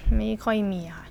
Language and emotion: Thai, frustrated